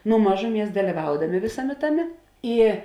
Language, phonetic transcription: Lithuanian, nu ˈmažuˌmies daliˈvaudamė ˈvėsaˌmė ˈtaˌmė ˈy

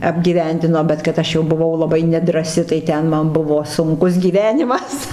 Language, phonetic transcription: Lithuanian, apgyˈvendino bet kad ˈaš jau buˈvau laˈbai nedrąˈsi tai ˈten ˈman ˈbuvo sunˈkus gyˈvenimas

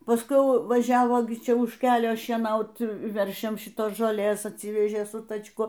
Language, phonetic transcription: Lithuanian, pasˈkui ˈjau vaˈžiavo gi ˈčia už ˈkelio šieˈnaut ˈveršiams šiˈtos žoˈlės atˈsyvežė su tačˈku

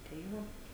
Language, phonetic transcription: Lithuanian, tai ˈvo

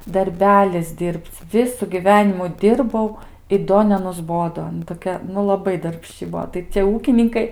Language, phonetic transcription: Lithuanian, darˈbelis ˈdir'b'c' ˈvisu gyˈvenimu ˈdirbau i ˈdo nenusˈbodo aˈna toˈkia nu laˈbai darbˈšči ˈbuo tai cie ˈūkininkai

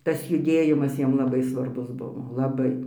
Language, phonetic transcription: Lithuanian, ˈtas juˈdėjimas ˈjiem laˈbai svarˈbus ˈbuvo laˈbai

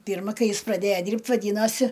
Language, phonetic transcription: Lithuanian, ˈpyrma ˈkai ˈjis praˈdėja ˈdyrbt' vaˈdynosi

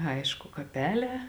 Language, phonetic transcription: Lithuanian, ˈaišku kaˈpeˌlē

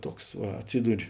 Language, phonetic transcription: Lithuanian, ˈtuoks ˈva atˈsyduri

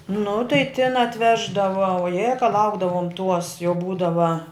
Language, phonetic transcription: Lithuanian, nu tai tin atˈveždava oˈjė ka ˈlaukdavom tuos jau ˈbūdava

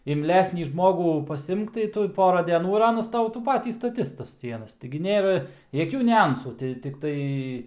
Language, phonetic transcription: Lithuanian, imˈlesnį ˈžmogų pasˈimk tai ˈtu ˈpora deˈnų ir ˈanas ˈtau tų ˈpatį staˈtis tas ˈsienas tigi ˈnėra jaˈkių niuˈansų ti tikˈtai

